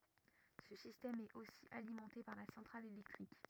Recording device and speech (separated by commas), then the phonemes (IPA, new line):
rigid in-ear microphone, read sentence
sə sistɛm ɛt osi alimɑ̃te paʁ la sɑ̃tʁal elɛktʁik